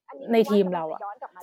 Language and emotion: Thai, frustrated